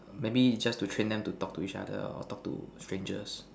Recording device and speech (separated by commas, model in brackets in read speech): standing microphone, conversation in separate rooms